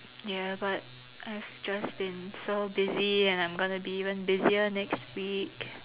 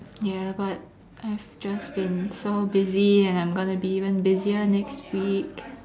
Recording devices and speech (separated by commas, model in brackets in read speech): telephone, standing microphone, conversation in separate rooms